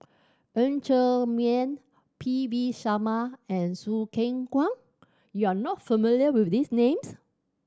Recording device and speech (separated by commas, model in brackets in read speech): standing microphone (AKG C214), read sentence